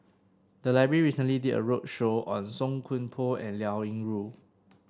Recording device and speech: standing microphone (AKG C214), read sentence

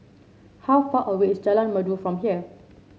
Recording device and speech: mobile phone (Samsung C7), read sentence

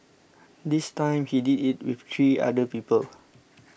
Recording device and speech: boundary microphone (BM630), read sentence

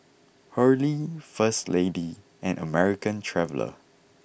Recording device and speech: boundary microphone (BM630), read sentence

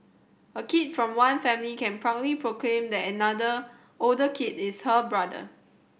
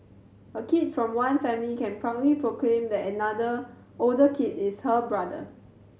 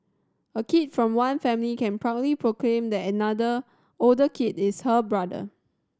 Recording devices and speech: boundary microphone (BM630), mobile phone (Samsung C7100), standing microphone (AKG C214), read sentence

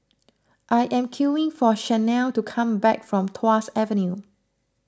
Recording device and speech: close-talking microphone (WH20), read sentence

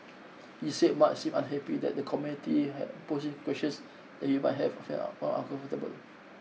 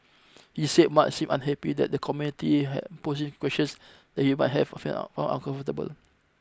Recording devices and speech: mobile phone (iPhone 6), close-talking microphone (WH20), read sentence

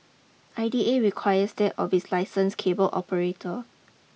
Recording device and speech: mobile phone (iPhone 6), read sentence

